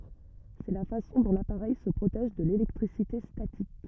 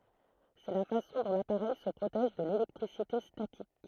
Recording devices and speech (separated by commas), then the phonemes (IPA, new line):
rigid in-ear microphone, throat microphone, read sentence
sɛ la fasɔ̃ dɔ̃ lapaʁɛj sə pʁotɛʒ də lelɛktʁisite statik